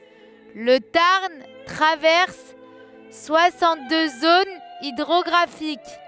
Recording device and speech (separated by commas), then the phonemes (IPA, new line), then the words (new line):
headset microphone, read sentence
lə taʁn tʁavɛʁs swasɑ̃t dø zonz idʁɔɡʁafik
Le Tarn traverse soixante-deux zones hydrographiques.